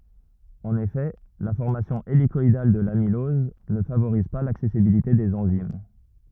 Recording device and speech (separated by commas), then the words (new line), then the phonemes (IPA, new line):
rigid in-ear microphone, read sentence
En effet, la formation hélicoïdale de l'amylose ne favorise pas l'accessibilité des enzymes.
ɑ̃n efɛ la fɔʁmasjɔ̃ elikɔidal də lamilɔz nə favoʁiz pa laksɛsibilite dez ɑ̃zim